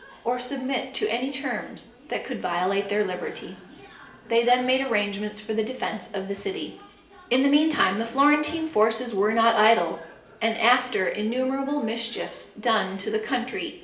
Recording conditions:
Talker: one person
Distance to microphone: 1.8 m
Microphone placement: close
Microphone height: 1.0 m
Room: large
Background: television

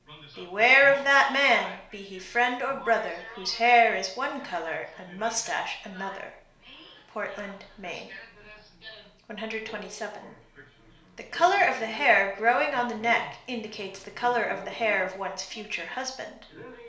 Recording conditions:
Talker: one person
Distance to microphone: 1.0 m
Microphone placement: close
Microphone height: 1.1 m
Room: small (3.7 m by 2.7 m)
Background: television

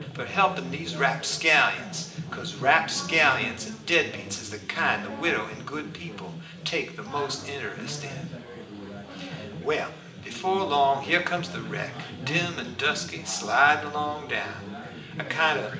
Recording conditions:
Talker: one person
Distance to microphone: 1.8 m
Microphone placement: close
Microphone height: 1.0 m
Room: large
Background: babble

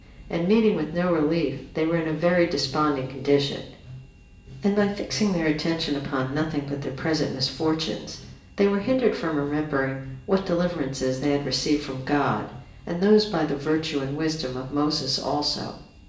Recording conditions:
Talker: one person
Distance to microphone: 1.8 m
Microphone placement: close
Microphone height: 1.0 m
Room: large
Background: music

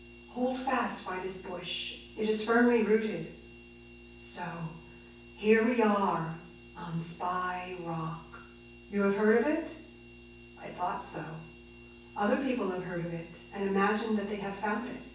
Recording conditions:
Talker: one person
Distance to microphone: 9.8 m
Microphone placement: far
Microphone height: 1.8 m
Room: large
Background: none

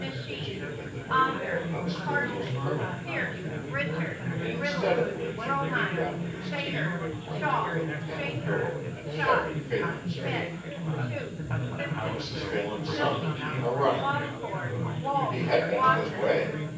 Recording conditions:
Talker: one person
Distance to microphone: 9.8 m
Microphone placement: far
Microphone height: 1.8 m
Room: large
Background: babble

